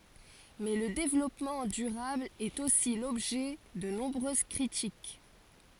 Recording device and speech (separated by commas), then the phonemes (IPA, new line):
forehead accelerometer, read sentence
mɛ lə devlɔpmɑ̃ dyʁabl ɛt osi lɔbʒɛ də nɔ̃bʁøz kʁitik